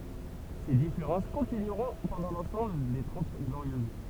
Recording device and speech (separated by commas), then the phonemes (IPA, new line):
temple vibration pickup, read sentence
se difeʁɑ̃s kɔ̃tinyʁɔ̃ pɑ̃dɑ̃ lɑ̃sɑ̃bl de tʁɑ̃t ɡloʁjøz